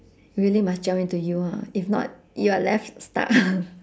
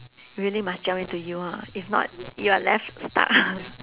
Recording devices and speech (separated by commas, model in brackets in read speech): standing microphone, telephone, conversation in separate rooms